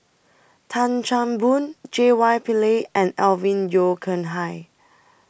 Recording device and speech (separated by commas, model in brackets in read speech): boundary microphone (BM630), read sentence